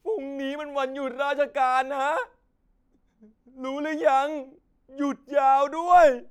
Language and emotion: Thai, sad